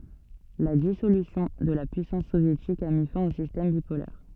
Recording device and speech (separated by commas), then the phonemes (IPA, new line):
soft in-ear microphone, read sentence
la disolysjɔ̃ də la pyisɑ̃s sovjetik a mi fɛ̃ o sistɛm bipolɛʁ